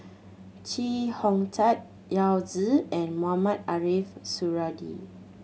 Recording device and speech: mobile phone (Samsung C7100), read sentence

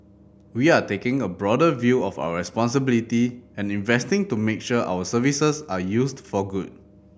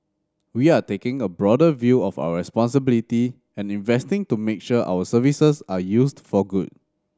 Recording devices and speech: boundary microphone (BM630), standing microphone (AKG C214), read sentence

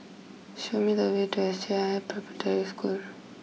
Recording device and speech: mobile phone (iPhone 6), read sentence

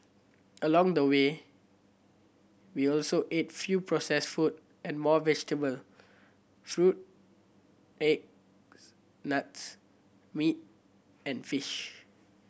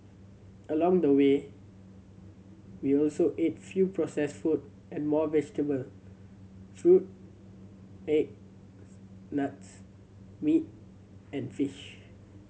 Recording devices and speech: boundary microphone (BM630), mobile phone (Samsung C7100), read sentence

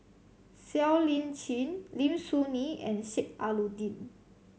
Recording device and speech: mobile phone (Samsung C7100), read sentence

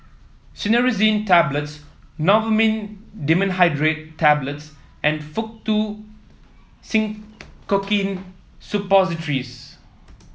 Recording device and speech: mobile phone (iPhone 7), read sentence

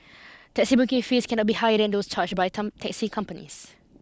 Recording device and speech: close-talking microphone (WH20), read sentence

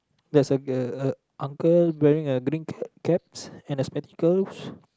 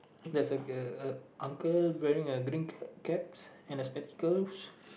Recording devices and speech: close-talking microphone, boundary microphone, conversation in the same room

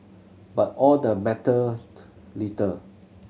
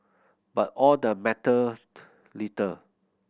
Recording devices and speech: mobile phone (Samsung C7100), boundary microphone (BM630), read sentence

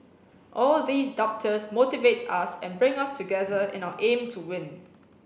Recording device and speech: boundary microphone (BM630), read sentence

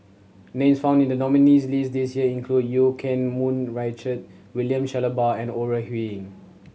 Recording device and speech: mobile phone (Samsung C7100), read sentence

